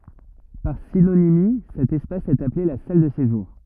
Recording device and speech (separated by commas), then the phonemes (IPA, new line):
rigid in-ear microphone, read sentence
paʁ sinonimi sɛt ɛspas ɛt aple la sal də seʒuʁ